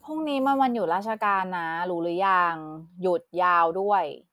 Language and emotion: Thai, frustrated